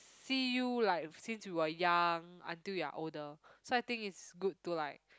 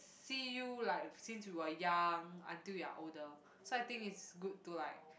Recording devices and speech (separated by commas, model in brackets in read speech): close-talking microphone, boundary microphone, conversation in the same room